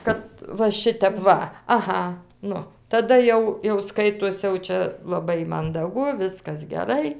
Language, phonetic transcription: Lithuanian, ˈkad va ˈšitep ˈva aˈha ˈnu taˈda jau jau ˈskaitos jau ˈčia laˈbai mandaˈgu ˈviskas geˈrai

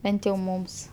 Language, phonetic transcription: Lithuanian, ˈbent jau ˈmums

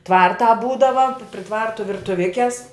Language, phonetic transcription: Lithuanian, ˈtvartā ˈbūdava pri ˈtvartu virtuˈvikes

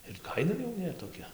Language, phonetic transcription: Lithuanian, ir ˈkaina jau ˈnetoˈkia

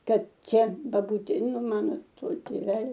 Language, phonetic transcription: Lithuanian, ˈkad ˈčia baˈbūtė nu ˈmano ˈto tėˈvelio

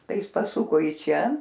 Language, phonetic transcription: Lithuanian, ˈtai ˈjis paˈsuko i ˈčia

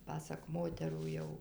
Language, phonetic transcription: Lithuanian, ˈpasak ˈmoterų ˈjau

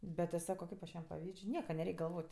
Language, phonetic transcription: Lithuanian, ˈbet ti ˈsako ˈkaip aš ˈjiem paˈvydž' ˈnieka neˈreik' galˈvot'

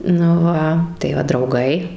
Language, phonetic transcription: Lithuanian, nu ˈva tai ˈva drauˈgai

